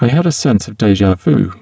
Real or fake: fake